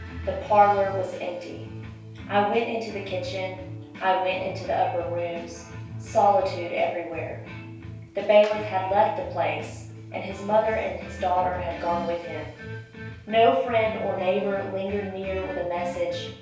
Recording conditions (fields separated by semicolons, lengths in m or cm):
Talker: one person; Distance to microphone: 3.0 m; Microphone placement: far; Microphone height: 1.8 m; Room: small (3.7 m by 2.7 m); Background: music